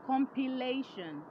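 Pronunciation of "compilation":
'Compilation' is pronounced correctly here.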